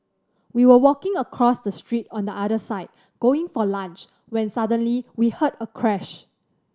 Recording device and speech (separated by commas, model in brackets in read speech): standing microphone (AKG C214), read sentence